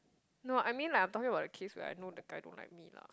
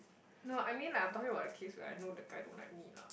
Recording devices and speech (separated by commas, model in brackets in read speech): close-talking microphone, boundary microphone, conversation in the same room